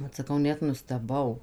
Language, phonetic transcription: Lithuanian, ˈvat saˈkau ˈnet nusteˈbau

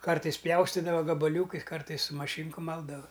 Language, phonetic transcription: Lithuanian, ˈkartais ˈpjaustidava gabaˈliūkais ˈkartais su maˈšynku ˈmaldava

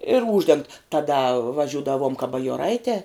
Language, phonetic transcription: Lithuanian, ir ˈūždengt taˈda vaˈžiūdavom ka bajoˈraitē

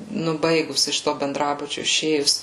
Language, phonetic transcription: Lithuanian, ˈnu ˈbaigus iš ˈto benˈdrabučiu iˈšėjus

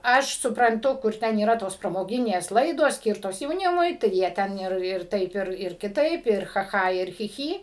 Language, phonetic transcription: Lithuanian, ˈaš supranˈtu kur ˈten yˈra tos pramoˈginės ˈlaidos ˈskyrtos jauˈnimui tai ˈjie ˈten ir ir ˈtaip ir ir kiˈtaip ir cha ˈcha ir chi ˈchy

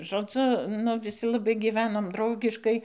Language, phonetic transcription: Lithuanian, žoˈdzu nu viˈsi laˈbai giˈvenom ˈdraugiškai

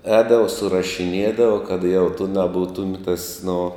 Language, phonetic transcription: Lithuanian, ˈēdava surašiˈniedava kad jau tu naˈbūtum tas nu

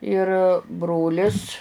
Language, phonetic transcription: Lithuanian, ir ˈbrolis

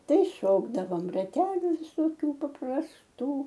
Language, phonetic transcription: Lithuanian, ˈtai ˈšokdavom raˈteliu visoˈkių paprasˈtų

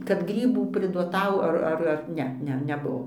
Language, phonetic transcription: Lithuanian, kad ˈgrybų priduoˈtau ˈar ˈar ar ˈne ˈne neˈbuvo

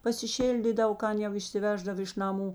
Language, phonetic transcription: Lithuanian, pasiˈšildydav ˈkan jau išsiˈveždav iš naˈmų

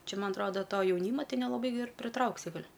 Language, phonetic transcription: Lithuanian, ˈčia ˈman atˈroda ˈto jauˈnyma ˈtei nelaˈbai ir priˈtrauksi ˈgal'

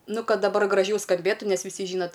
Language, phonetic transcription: Lithuanian, ˈnu ˈkad daˈbar graˈžiau skamˈbėtu ˈnes viˈsi ˈžynat

